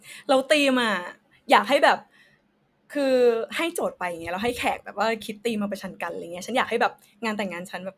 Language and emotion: Thai, happy